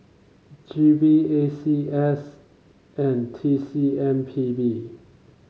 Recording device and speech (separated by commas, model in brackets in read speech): mobile phone (Samsung C5), read sentence